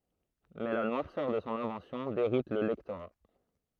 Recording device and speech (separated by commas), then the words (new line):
throat microphone, read sentence
Mais la noirceur de son invention déroute le lectorat.